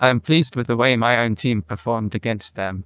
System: TTS, neural waveform model